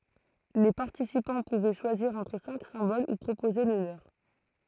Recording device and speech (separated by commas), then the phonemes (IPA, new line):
throat microphone, read sentence
le paʁtisipɑ̃ puvɛ ʃwaziʁ ɑ̃tʁ sɛ̃k sɛ̃bol u pʁopoze lə løʁ